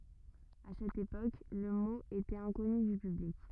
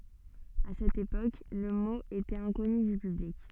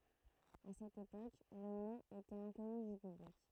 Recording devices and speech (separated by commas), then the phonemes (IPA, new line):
rigid in-ear microphone, soft in-ear microphone, throat microphone, read sentence
a sɛt epok lə mo etɛt ɛ̃kɔny dy pyblik